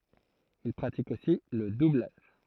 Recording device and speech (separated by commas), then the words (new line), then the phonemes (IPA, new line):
throat microphone, read sentence
Il pratique aussi le doublage.
il pʁatik osi lə dublaʒ